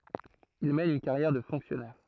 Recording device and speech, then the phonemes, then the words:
throat microphone, read sentence
il mɛn yn kaʁjɛʁ də fɔ̃ksjɔnɛʁ
Il mène une carrière de fonctionnaire.

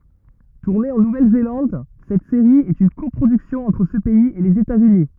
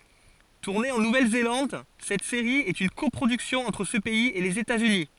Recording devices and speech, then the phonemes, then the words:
rigid in-ear microphone, forehead accelerometer, read sentence
tuʁne ɑ̃ nuvɛlzelɑ̃d sɛt seʁi ɛt yn kɔpʁodyksjɔ̃ ɑ̃tʁ sə pɛiz e lez etatsyni
Tournée en Nouvelle-Zélande, cette série est une coproduction entre ce pays et les États-Unis.

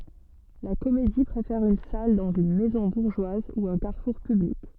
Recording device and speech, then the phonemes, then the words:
soft in-ear microphone, read sentence
la komedi pʁefɛʁ yn sal dɑ̃z yn mɛzɔ̃ buʁʒwaz u œ̃ kaʁfuʁ pyblik
La comédie préfère une salle dans une maison bourgeoise ou un carrefour public.

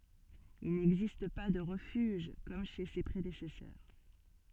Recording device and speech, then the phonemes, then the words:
soft in-ear microphone, read sentence
il nɛɡzist pa də ʁəfyʒ kɔm ʃe se pʁedesɛsœʁ
Il n'existe pas de refuge comme chez ses prédécesseurs.

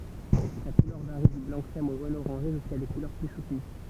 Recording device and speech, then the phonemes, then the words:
temple vibration pickup, read sentence
sa kulœʁ vaʁi dy blɑ̃ kʁɛm o ʒon oʁɑ̃ʒe ʒyska de kulœʁ ply sutəny
Sa couleur varie du blanc-crème au jaune-orangé, jusqu'à des couleurs plus soutenues.

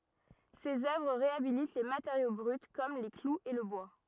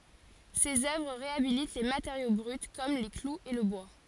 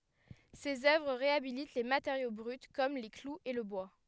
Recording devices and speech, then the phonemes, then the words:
rigid in-ear microphone, forehead accelerometer, headset microphone, read sentence
sez œvʁ ʁeabilit le mateʁjo bʁyt kɔm le kluz e lə bwa
Ses œuvres réhabilitent les matériaux bruts comme les clous et le bois.

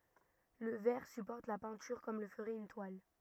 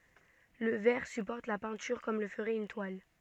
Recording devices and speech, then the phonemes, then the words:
rigid in-ear microphone, soft in-ear microphone, read sentence
lə vɛʁ sypɔʁt la pɛ̃tyʁ kɔm lə fəʁɛt yn twal
Le verre supporte la peinture comme le ferait une toile.

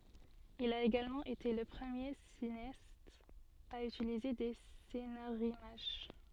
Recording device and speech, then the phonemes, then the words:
soft in-ear microphone, read sentence
il a eɡalmɑ̃ ete lə pʁəmje sineast a ytilize de senaʁimaʒ
Il a également été le premier cinéaste à utiliser des scénarimages.

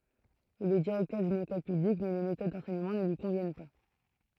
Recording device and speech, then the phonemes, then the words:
throat microphone, read sentence
il ɛ diʁɛktœʁ dyn ekɔl pyblik mɛ le metod dɑ̃sɛɲəmɑ̃ nə lyi kɔ̃vjɛn pa
Il est directeur d'une école publique mais les méthodes d'enseignement ne lui conviennent pas.

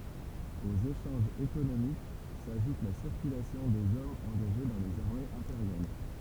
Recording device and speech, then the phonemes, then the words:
temple vibration pickup, read sentence
oz eʃɑ̃ʒz ekonomik saʒut la siʁkylasjɔ̃ dez ɔmz ɑ̃ɡaʒe dɑ̃ lez aʁmez ɛ̃peʁjal
Aux échanges économiques s'ajoute la circulation des hommes engagés dans les armées impériales.

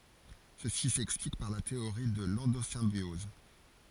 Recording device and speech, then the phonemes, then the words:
forehead accelerometer, read sentence
səsi sɛksplik paʁ la teoʁi də lɑ̃dozɛ̃bjɔz
Ceci s'explique par la théorie de l'endosymbiose.

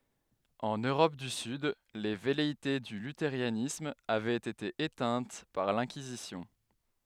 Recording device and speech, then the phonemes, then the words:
headset microphone, read sentence
ɑ̃n øʁɔp dy syd le vɛleite dy lyteʁanism avɛt ete etɛ̃t paʁ lɛ̃kizisjɔ̃
En Europe du Sud, les velléités du luthéranisme avaient été éteintes par l'Inquisition.

